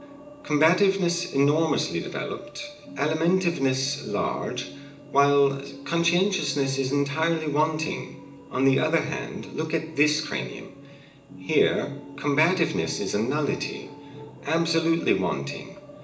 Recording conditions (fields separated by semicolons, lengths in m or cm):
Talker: one person; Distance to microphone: 1.8 m; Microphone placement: close; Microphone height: 1.0 m; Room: large; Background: television